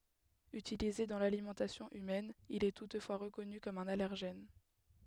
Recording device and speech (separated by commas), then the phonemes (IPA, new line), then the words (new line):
headset microphone, read sentence
ytilize dɑ̃ lalimɑ̃tasjɔ̃ ymɛn il ɛ tutfwa ʁəkɔny kɔm œ̃n alɛʁʒɛn
Utilisé dans l'alimentation humaine, il est toutefois reconnu comme un allergène.